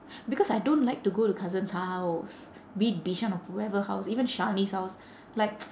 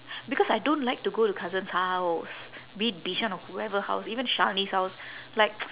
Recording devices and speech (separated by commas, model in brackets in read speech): standing microphone, telephone, conversation in separate rooms